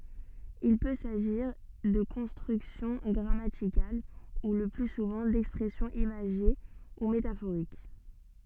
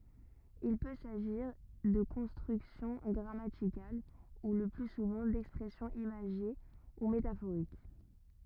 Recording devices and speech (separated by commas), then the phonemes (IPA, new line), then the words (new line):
soft in-ear microphone, rigid in-ear microphone, read sentence
il pø saʒiʁ də kɔ̃stʁyksjɔ̃ ɡʁamatikal u lə ply suvɑ̃ dɛkspʁɛsjɔ̃z imaʒe u metafoʁik
Il peut s'agir de constructions grammaticales ou, le plus souvent, d'expressions imagées ou métaphoriques.